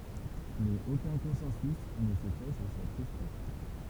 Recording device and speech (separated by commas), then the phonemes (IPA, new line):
temple vibration pickup, read sentence
mɛz okœ̃ kɔ̃sɑ̃sy nə sɛ fɛ syʁ sɛt kɛstjɔ̃